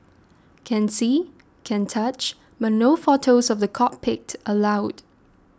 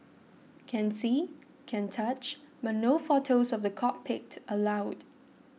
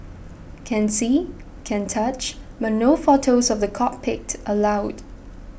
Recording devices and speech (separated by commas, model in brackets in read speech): standing microphone (AKG C214), mobile phone (iPhone 6), boundary microphone (BM630), read sentence